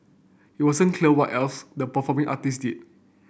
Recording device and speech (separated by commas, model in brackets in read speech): boundary microphone (BM630), read sentence